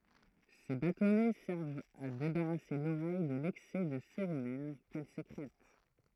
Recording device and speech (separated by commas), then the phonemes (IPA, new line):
throat microphone, read sentence
se batɔnɛ sɛʁvt a debaʁase loʁɛj də lɛksɛ də seʁymɛn kɛl sekʁɛt